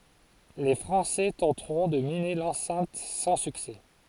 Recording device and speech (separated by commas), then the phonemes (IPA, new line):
forehead accelerometer, read sentence
le fʁɑ̃sɛ tɑ̃tʁɔ̃ də mine lɑ̃sɛ̃t sɑ̃ syksɛ